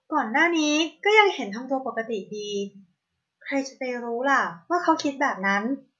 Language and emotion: Thai, neutral